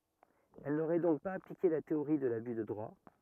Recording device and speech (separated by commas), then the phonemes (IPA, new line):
rigid in-ear microphone, read sentence
ɛl noʁɛ dɔ̃k paz aplike la teoʁi də laby də dʁwa